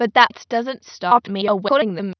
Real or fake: fake